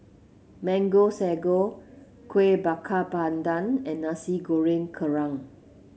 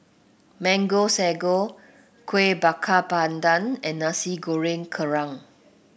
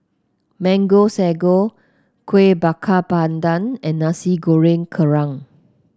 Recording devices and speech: mobile phone (Samsung C7), boundary microphone (BM630), close-talking microphone (WH30), read sentence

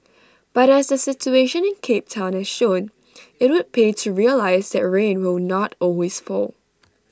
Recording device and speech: standing microphone (AKG C214), read sentence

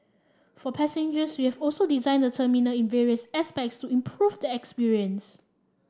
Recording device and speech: standing microphone (AKG C214), read sentence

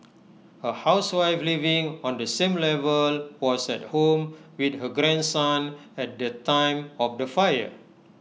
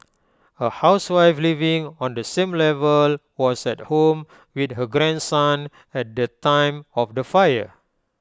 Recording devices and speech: mobile phone (iPhone 6), close-talking microphone (WH20), read sentence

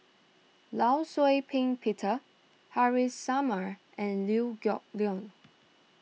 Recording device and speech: mobile phone (iPhone 6), read sentence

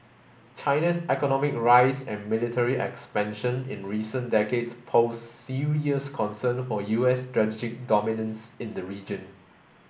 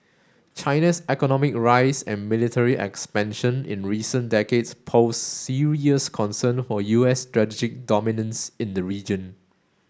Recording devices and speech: boundary microphone (BM630), standing microphone (AKG C214), read sentence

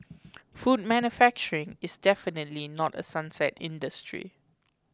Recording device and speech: close-talking microphone (WH20), read sentence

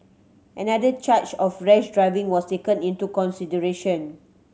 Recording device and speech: mobile phone (Samsung C7100), read sentence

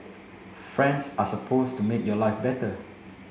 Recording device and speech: mobile phone (Samsung C7), read sentence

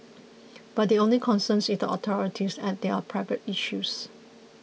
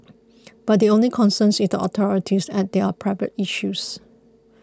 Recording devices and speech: mobile phone (iPhone 6), close-talking microphone (WH20), read sentence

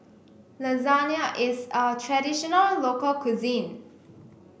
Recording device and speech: boundary microphone (BM630), read sentence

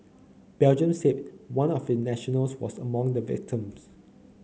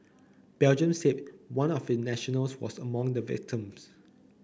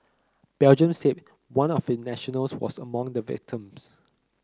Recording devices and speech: mobile phone (Samsung C9), boundary microphone (BM630), close-talking microphone (WH30), read sentence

